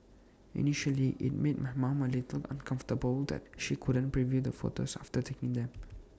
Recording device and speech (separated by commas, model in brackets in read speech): standing microphone (AKG C214), read sentence